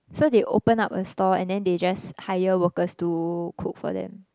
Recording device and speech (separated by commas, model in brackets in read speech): close-talking microphone, conversation in the same room